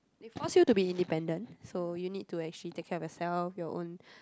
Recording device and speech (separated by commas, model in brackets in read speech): close-talking microphone, conversation in the same room